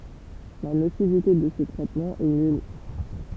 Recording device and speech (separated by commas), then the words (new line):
temple vibration pickup, read sentence
La nocivité de ce traitement est nulle.